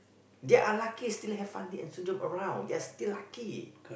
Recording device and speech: boundary microphone, conversation in the same room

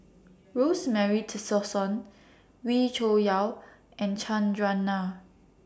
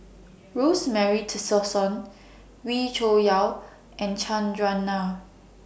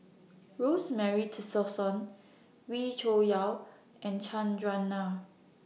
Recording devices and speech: standing microphone (AKG C214), boundary microphone (BM630), mobile phone (iPhone 6), read sentence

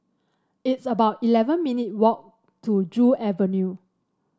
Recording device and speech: standing microphone (AKG C214), read sentence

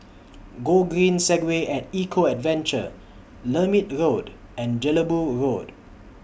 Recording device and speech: boundary microphone (BM630), read sentence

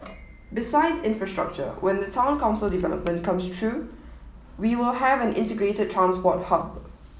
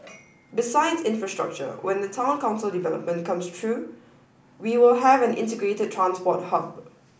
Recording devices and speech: mobile phone (iPhone 7), boundary microphone (BM630), read sentence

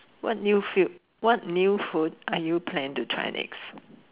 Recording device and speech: telephone, conversation in separate rooms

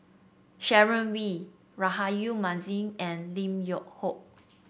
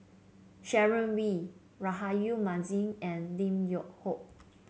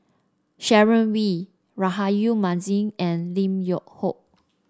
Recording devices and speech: boundary microphone (BM630), mobile phone (Samsung C7), standing microphone (AKG C214), read sentence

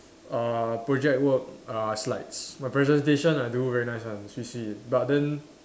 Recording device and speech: standing microphone, conversation in separate rooms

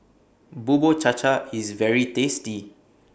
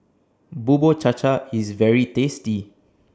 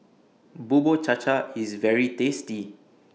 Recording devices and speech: boundary microphone (BM630), standing microphone (AKG C214), mobile phone (iPhone 6), read sentence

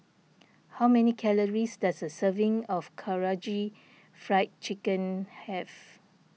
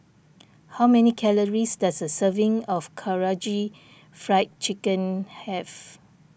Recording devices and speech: mobile phone (iPhone 6), boundary microphone (BM630), read sentence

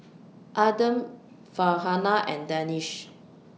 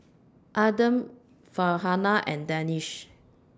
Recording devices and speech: mobile phone (iPhone 6), standing microphone (AKG C214), read sentence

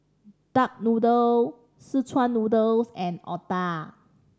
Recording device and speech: standing microphone (AKG C214), read sentence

